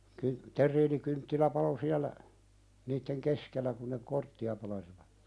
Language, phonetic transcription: Finnish, ky- , 'ter̆riinikynttilä palo siälä , niitteŋ "keskellä kuⁿ ne 'kortti₍a pelasiva(t) .
- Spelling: - terriinikynttilä paloi siellä niiden keskellä kun ne korttia pelasi

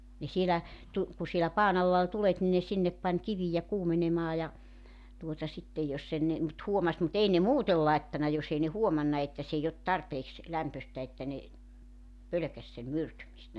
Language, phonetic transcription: Finnish, ne 'sielä , tu- , ku sielä 'paan ‿alla ol 'tulet ni ne 'sinnep pań 'kivijä 'kuumenemaa ja , tuota 'sittej 'jos e ne , mut 'huomas mu't ‿ei ne "muutel 'laettana 'jos ‿ei ne "huomanna että 's ‿eij ‿ot "tarpeeks , 'lämpöstä että ne , 'pölökäś sem "myrtymistä .
- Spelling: ne siellä - kun siellä padan alla oli tulet niin ne sinne pani kiviä kuumenemaan ja tuota sitten jos ei ne mutta huomasi mutta ei ne muuten laittanut jos ei ne huomannut että se ei ole tarpeeksi lämpöistä että ne pelkäsi sen myrtymistä

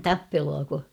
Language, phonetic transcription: Finnish, tappeluako ?
- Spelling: tappeluako

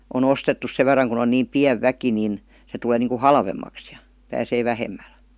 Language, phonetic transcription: Finnish, o"n ‿ostettus 'sev ver̀aŋ kun ‿on niim "piäv 'väki nin , se tuˡee niiŋku "halvemmaks JA , pääsee "vähemmäl .
- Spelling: on ostettu sen verran kun on niin pieni väki niin se tulee niin kuin halvemmaksi ja pääsee vähemmällä

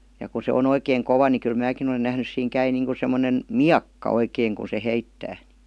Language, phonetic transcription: Finnish, ja ku se on 'oikeeŋ 'kova ni kyl 'määkin ‿olen nähnys 'siiŋ 'käi niiŋku semmonen , "miakka 'oikeeŋ ku se "heittää .
- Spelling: ja kun se on oikein kova niin kyllä minäkin olen nähnyt siinä käy niin kuin semmoinen miekka oikein kun se heittää

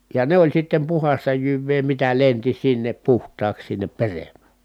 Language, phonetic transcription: Finnish, ja ne oĺ sittem puhasta jyvvee mitä lenti sinnep puht̀aaks sinnep perem̀ä .
- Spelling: ja ne oli sitten puhdasta jyvää mitä lensi sinne puhtaaksi sinne peremmä

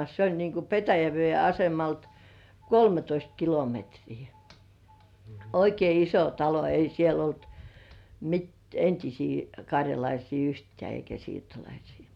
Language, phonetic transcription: Finnish, s ‿oĺ niiŋku ’Petäjävĭè asemalt , "kolmetoist 'kilometrii , 'oikei "iso 'talo 'ei siel ‿olt , mit- "entisii kaŕjalaisii 'yhtĕä̀ eikä siirtolaisɪɪ .
- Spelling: se oli niin kuin Petäjäveden asemalta kolmetoista kilometriä oikein iso talo ei siellä ollut - entisiä karjalaisia yhtään eikä siirtolaisia

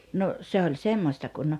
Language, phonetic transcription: Finnish, no , 'se oĺ "semmośta kun ,.
- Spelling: no se oli semmoista kun

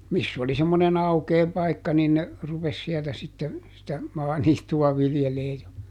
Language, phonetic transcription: Finnish, ˈmiss ‿oli semmone"n ‿aukee ˈpaikka niin ne , ˈrupes siɛltä sitte , sitä , ˈmaaniittu₍a ˈviljelee ja ,.
- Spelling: missä oli semmoinen aukea paikka niin ne rupesi sieltä sitten sitä maaniittyä viljelemään ja

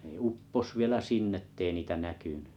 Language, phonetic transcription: Finnish, nᵉ 'uppos 'vielä sinn ‿ettei niitä 'näkyny .
- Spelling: ne upposi vielä sinne että ei niitä näkynyt

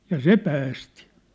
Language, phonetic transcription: Finnish, ja "se 'päästi .
- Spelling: ja se päästi

